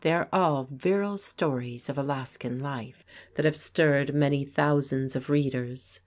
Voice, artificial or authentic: authentic